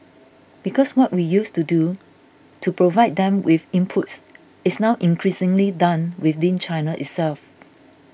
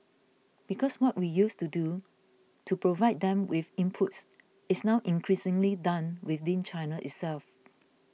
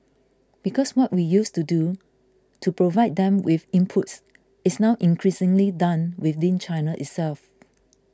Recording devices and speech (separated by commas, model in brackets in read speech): boundary microphone (BM630), mobile phone (iPhone 6), close-talking microphone (WH20), read sentence